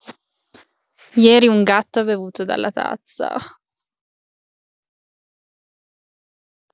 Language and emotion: Italian, sad